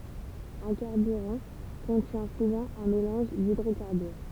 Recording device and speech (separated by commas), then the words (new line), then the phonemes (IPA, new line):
temple vibration pickup, read sentence
Un carburant contient souvent un mélange d'hydrocarbures.
œ̃ kaʁbyʁɑ̃ kɔ̃tjɛ̃ suvɑ̃ œ̃ melɑ̃ʒ didʁokaʁbyʁ